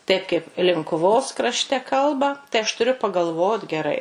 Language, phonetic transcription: Lithuanian, taip kaip linkuˈvos krašˈte ˈkalba tai aš tuˈriu pagalˈvot geˈrai

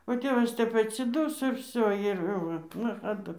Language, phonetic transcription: Lithuanian, o ˈtėvas ˈtep atsiˈduso ir ˈvsio ir ˈva nachaˈdu

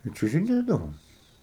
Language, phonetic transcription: Lithuanian, i čiužiˈnėdavom

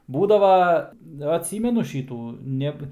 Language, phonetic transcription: Lithuanian, ˈbūdava atˈsymenu ˈšytų ˈneb

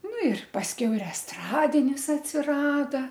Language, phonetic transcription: Lithuanian, ˈnu ir pasˈkiau ir esˈtradinis atsiˈrada

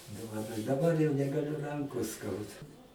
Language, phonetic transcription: Lithuanian, dovaˈnoju daˈbar jau negaˈliu ˈrankos ˈskauda

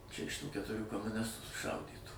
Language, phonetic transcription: Lithuanian, ˈčia iš ˈtų ketuˈrių komuˈnistų suˈšaudytų

